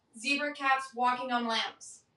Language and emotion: English, neutral